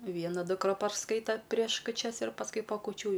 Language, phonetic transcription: Lithuanian, ˈviena dukˈra parˈskaito prieš kuˈčias ir pasˈkui pa kuˈčių jau

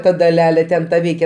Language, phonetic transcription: Lithuanian, ˈta daˈlelė ˈten ta ˈveikia

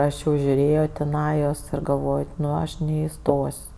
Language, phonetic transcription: Lithuanian, ˈaš jau žiuˈrėjo tiˈnajos ir galvoj ˈnu ˈaš neiˈstos'

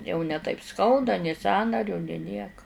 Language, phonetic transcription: Lithuanian, jau ne taip ˈskauda nė ˈsąnariu nė ˈnieka

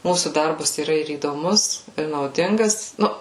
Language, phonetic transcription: Lithuanian, ˈmūsų ˈdarbas yˈra ir įdoˈmus ir nauˈdingas ˈnu

